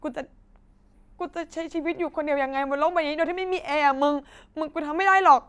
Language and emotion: Thai, sad